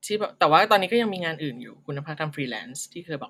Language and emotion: Thai, neutral